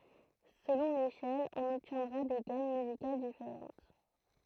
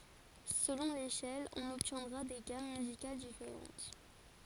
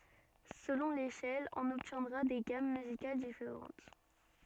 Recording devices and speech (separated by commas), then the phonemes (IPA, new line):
throat microphone, forehead accelerometer, soft in-ear microphone, read sentence
səlɔ̃ leʃɛl ɔ̃n ɔbtjɛ̃dʁa de ɡam myzikal difeʁɑ̃t